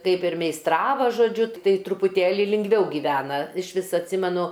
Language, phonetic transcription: Lithuanian, ˈkaip ir meisˈtrava žoˈdžiu ˈtai trupuˈtėli lingˈviau gyˈvena iš ˈvis atˈsimenu

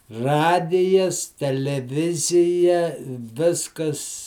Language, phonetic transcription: Lithuanian, ˈradijas teleˈvizija ˈviskas

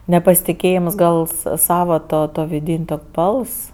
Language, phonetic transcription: Lithuanian, nepasitiˈkėjims gal sa ˈsava ˈtuo tuo vidin' tok' ˈbals

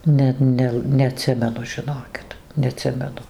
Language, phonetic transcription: Lithuanian, ˈnet ˈnel neaˈtsimenu žiˈnokit neaˈtsimenu

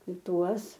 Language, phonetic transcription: Lithuanian, ˈtuos

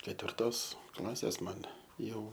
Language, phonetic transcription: Lithuanian, ketvirˈtos ˈklasės ˈman ˈjau

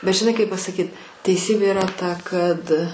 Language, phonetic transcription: Lithuanian, bet žiˈnai kaip pasaˈkyt teiˈsybė iˈra ta kad

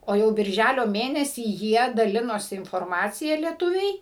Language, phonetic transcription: Lithuanian, o ˈjau birˈžælio ˈmėnesį ˈjie daˈlinosi inforˈmacija lieˈtuviai

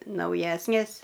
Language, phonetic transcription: Lithuanian, nauˈjesnės

